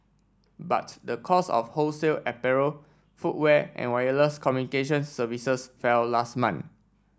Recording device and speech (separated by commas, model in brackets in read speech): standing microphone (AKG C214), read sentence